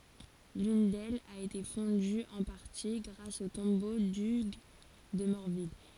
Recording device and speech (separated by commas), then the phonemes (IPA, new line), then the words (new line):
forehead accelerometer, read sentence
lyn dɛlz a ete fɔ̃dy ɑ̃ paʁti ɡʁas o tɔ̃bo dyɡ də mɔʁvil
L'une d'elles a été fondue en partie grâce au tombeau d'Hugues de Morville.